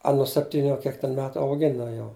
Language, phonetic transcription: Lithuanian, ˈa nu sepˈtyniu a ˈkiek ten ˈmetu auˈgina jau

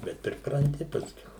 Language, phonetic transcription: Lithuanian, ˈbet pripranˈti pasˈkiau

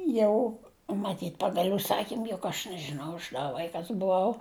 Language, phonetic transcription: Lithuanian, ˈjau maˈtyt' ˈpagal' užˈsakym juk aš nežiˈnau aš da ˈvaikas buˈau

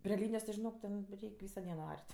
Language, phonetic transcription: Lithuanian, prė ˈlynijos žiˈnok ten ˈreik' ˈvyso ˈdieno ˈar't'

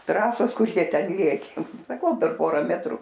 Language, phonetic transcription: Lithuanian, ˈtrasos ˈkur ˈjie ˈten ˈlėkė saˈkau per ˈpora ˈmetru

